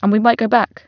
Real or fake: real